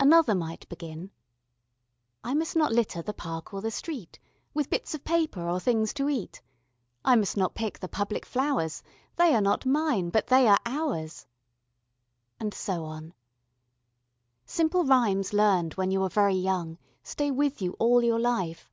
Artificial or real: real